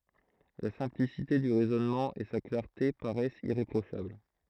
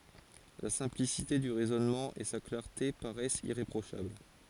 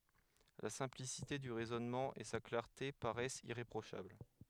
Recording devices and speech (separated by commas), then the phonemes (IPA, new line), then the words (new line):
throat microphone, forehead accelerometer, headset microphone, read sentence
la sɛ̃plisite dy ʁɛzɔnmɑ̃ e sa klaʁte paʁɛst iʁepʁoʃabl
La simplicité du raisonnement et sa clarté paraissent irréprochables.